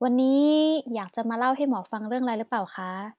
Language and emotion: Thai, neutral